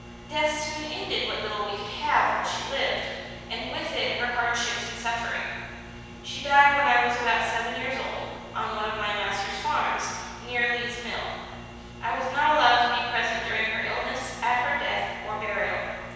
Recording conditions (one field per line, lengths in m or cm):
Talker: one person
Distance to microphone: 7.1 m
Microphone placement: far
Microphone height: 1.7 m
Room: very reverberant, large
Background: none